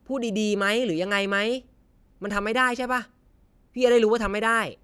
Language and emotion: Thai, frustrated